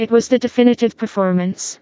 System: TTS, vocoder